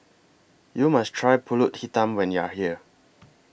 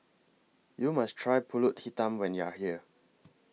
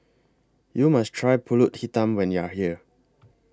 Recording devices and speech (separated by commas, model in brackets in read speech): boundary microphone (BM630), mobile phone (iPhone 6), close-talking microphone (WH20), read sentence